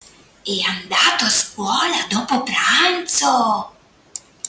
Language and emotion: Italian, surprised